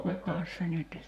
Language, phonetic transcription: Finnish, 'kukas se nyt ,.
- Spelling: kukas se nyt

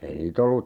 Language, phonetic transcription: Finnish, ei nii't ‿ollu ,.
- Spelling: ei niitä ollut

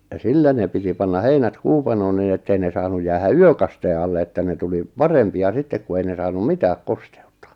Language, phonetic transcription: Finnish, ja "sillä ne piti panna 'heinät "kuupanoon nin ettei ne 'saanuj 'jäähä "yökastee alle että ne 'tuli , "parempi₍a "sittek ku ei ne 'saanum "mitääk "kostᴇ₍ᴜttA .
- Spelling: ja sillä ne piti panna heinät kuupanoon niin että ei ne saanut jäähän yökasteen alle että ne tuli parempia sitten kun ei ne saanut mitään kosteutta

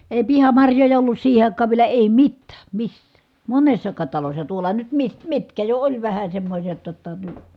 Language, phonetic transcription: Finnish, èi̮ pihamarjoja ollus siihe àik̆kaav vielä èi mittää , missää , monessakaat talossa , tuola nyt mi- , mitkä jo oĺ vähä semmośet jotta ny- ,.
- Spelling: ei pihamarjoja ollut siihen aikaan vielä ei mitään missään monessakaan talossa tuolla nyt - mitkä jo oli vähän semmoiset jotta -

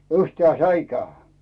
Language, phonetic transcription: Finnish, 'yhtᵉä̀ ‿ᵉn 'säikää .
- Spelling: yhtään en säikähdä

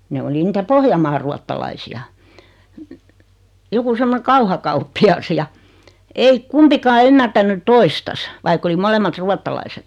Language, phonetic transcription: Finnish, ne 'oli nitä 'Pohjamaar ruattalaisi₍a , 'joku 'semmone "kauhakauppi₍as ja , 'ei , 'kumpikaa ymmärtänny "toistas , 'vaikk ‿oli 'molemmat "ruattalaiset .
- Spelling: ne oli niitä Pohjanmaan ruotsalaisia joku semmoinen kauhakauppias ja ei kumpikaan ymmärtänyt toistansa vaikka oli molemmat ruotsalaiset

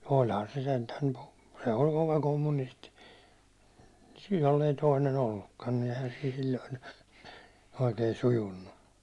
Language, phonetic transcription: Finnish, 'o ihan se sentäŋ ku , se 'oĺ kova 'kommunisti , jollei toinen ‿ollukkan ni eihän siin̬ sil̜l̜oin , oikei 'sujunnu .
- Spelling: ole ihan se sentään kun se oli kova kommunisti jos ei toinen ollutkaan niin eihän siin silloin oikein sujunut

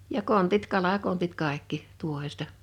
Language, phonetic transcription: Finnish, ja 'kontit 'kala'kontit 'kàekki , 'tuohesta ,.
- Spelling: ja kontit kalakontit kaikki tuohesta

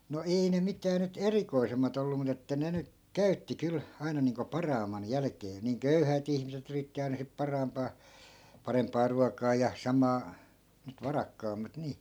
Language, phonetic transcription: Finnish, no 'ei ne 'mitää nyt "erikoisemmat ‿ollu mut ‿että 'ne ny , 'käytti 'kyl , aina niiŋko "paraamman 'jälᵃ̈kee niiŋ "köyhä̀t ‿ihmise't ‿yritti ai̮na sip 'paraampaa , 'paremp̆paa ruak̀aa ja 'samaa , nyt 'varakkaammat 'nii .
- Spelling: no ei ne mitään nyt erikoisemmat ollut mutta että ne nyt käytti kyllä aina niin kuin parhaimman jälkeen niin köyhät ihmiset yritti aina sitten parhaimpaa parempaa ruokaa ja samaa nyt varakkaammat niin

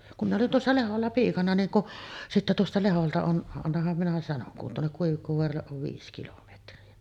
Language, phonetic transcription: Finnish, kum 'minⁿ ‿olin tuossa "Leholla 'piikana niiŋ kuˀ , sitte tuosta 'Leholta on , annaham minä sanoŋ kun tuonnek 'Kuivikkovoaralleˀ ˀov 'viis 'kilometri₍a .
- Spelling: kun minä olin tuossa Lehdolla piikana niin kun sitten tuosta Lehdolta on annahan minä sanon kun tuonne Kuivikkovaaralle on viisi kilometriä

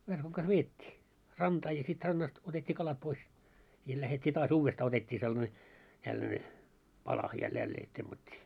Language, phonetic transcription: Finnish, verkoŋ kas "veet́t́ii , 'rantaa ja sit 'rannast otet́t́ii 'kalat 'pois , ja lähet́t́ii taas 'uuvvestaa otet́t́ii sellᵃne , tälläne , 'pala ja 'jällee , temmat́t́ii .
- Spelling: verkon kanssa vedettiin rantaan ja sitten rannasta otettiin kalat pois ja lähdettiin taas uudestaan otettiin sellainen tällainen pala ja jälleen temmattiin

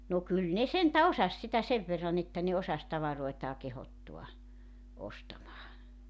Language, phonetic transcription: Finnish, no 'kyl ne 'sentä "osas sitä "sev verran ‿että ne 'osas "tavaroetaa 'kehottua , 'ostamaa .
- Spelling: no kyllä ne sentään osasi sitä sen verran että ne osasi tavaroitaan kehottaa ostamaan

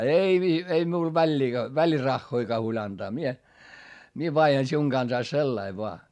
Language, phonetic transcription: Finnish, » » ei vi- , ei miul väĺĺii , väliraχχoikaa huoĺ ‿antaa mie , mie vaihan siuŋ Gansais sellai voa .
- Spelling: ei - ei minulle väliin välirahojakaan huoli antaa minä minä vaihdan sinun kanssasi sillä lailla vain

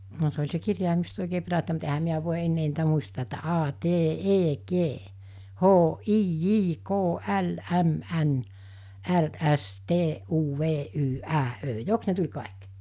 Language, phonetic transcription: Finnish, no se oĺ se 'kirjàimisto òikee 'perättä̀i mut ehäm̆ miä vòi 'ennee niitä 'muista̳a̳ että 'aa 'tee '’ee 'kee , 'hoo '’ii 'jii 'koo '’äl '’äm '’än , '’är '’äs 'tee '’uu 'vee '’yy '’ää '’ö "joks ne tuĺ kàik ?
- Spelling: no se oli se kirjaimisto oikein perättäin mutta eihän minä voi enää niitä muistaa että aa tee ee kee hoo ii jii koo äl äm än är äs tee uu vee yy ää öö jokos ne tuli kaikki

